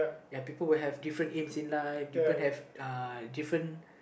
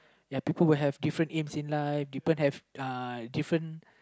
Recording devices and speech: boundary microphone, close-talking microphone, conversation in the same room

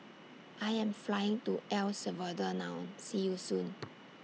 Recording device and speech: mobile phone (iPhone 6), read sentence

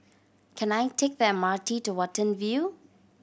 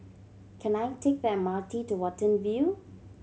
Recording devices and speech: boundary microphone (BM630), mobile phone (Samsung C7100), read sentence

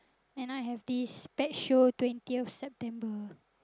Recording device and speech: close-talking microphone, conversation in the same room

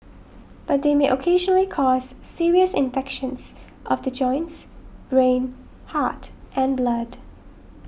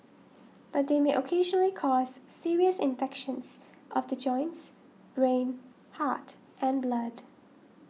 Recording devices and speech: boundary microphone (BM630), mobile phone (iPhone 6), read sentence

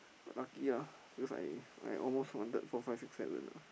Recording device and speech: boundary microphone, conversation in the same room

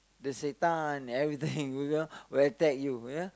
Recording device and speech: close-talking microphone, conversation in the same room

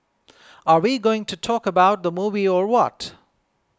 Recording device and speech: close-talking microphone (WH20), read sentence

